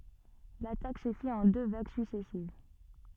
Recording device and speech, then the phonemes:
soft in-ear microphone, read sentence
latak sə fit ɑ̃ dø vaɡ syksɛsiv

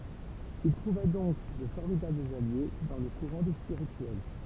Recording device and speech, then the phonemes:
temple vibration pickup, read sentence
il tʁuva dɔ̃k də fɔʁmidablz alje dɑ̃ lə kuʁɑ̃ de spiʁityɛl

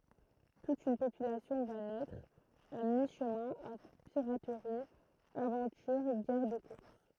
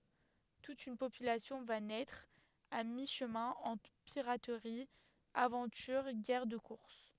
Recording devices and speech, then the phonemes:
throat microphone, headset microphone, read sentence
tut yn popylasjɔ̃ va nɛtʁ a mi ʃəmɛ̃ ɑ̃tʁ piʁatʁi avɑ̃tyʁ ɡɛʁ də kuʁs

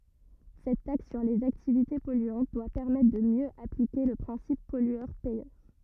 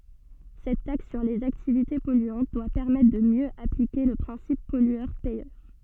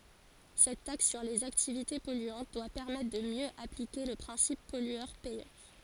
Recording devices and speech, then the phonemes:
rigid in-ear microphone, soft in-ear microphone, forehead accelerometer, read sentence
sɛt taks syʁ lez aktivite pɔlyɑ̃t dwa pɛʁmɛtʁ də mjø aplike lə pʁɛ̃sip pɔlyœʁ pɛjœʁ

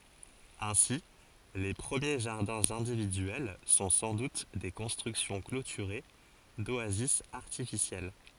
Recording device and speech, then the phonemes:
forehead accelerometer, read sentence
ɛ̃si le pʁəmje ʒaʁdɛ̃z ɛ̃dividyɛl sɔ̃ sɑ̃ dut de kɔ̃stʁyksjɔ̃ klotyʁe doazis aʁtifisjɛl

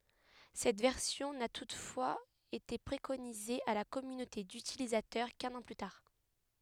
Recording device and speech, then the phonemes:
headset microphone, read sentence
sɛt vɛʁsjɔ̃ na tutfwaz ete pʁekonize a la kɔmynote dytilizatœʁ kœ̃n ɑ̃ ply taʁ

